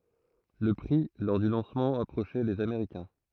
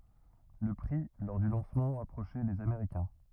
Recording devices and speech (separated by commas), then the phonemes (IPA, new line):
throat microphone, rigid in-ear microphone, read sentence
lə pʁi lɔʁ dy lɑ̃smɑ̃ apʁoʃɛ lez ameʁikɛ̃